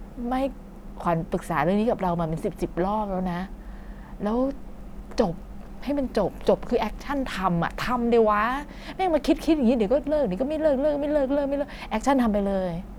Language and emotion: Thai, frustrated